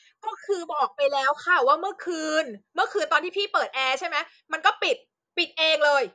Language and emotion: Thai, angry